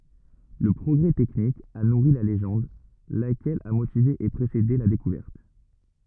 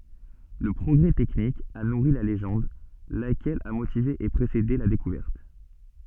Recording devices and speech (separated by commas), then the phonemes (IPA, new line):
rigid in-ear microphone, soft in-ear microphone, read sentence
lə pʁɔɡʁɛ tɛknik a nuʁi la leʒɑ̃d lakɛl a motive e pʁesede la dekuvɛʁt